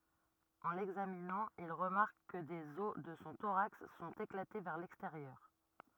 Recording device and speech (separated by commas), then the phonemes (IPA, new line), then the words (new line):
rigid in-ear microphone, read sentence
ɑ̃ lɛɡzaminɑ̃ il ʁəmaʁk kə dez ɔs də sɔ̃ toʁaks sɔ̃t eklate vɛʁ lɛksteʁjœʁ
En l'examinant, ils remarquent que des os de son thorax sont éclatés vers l’extérieur.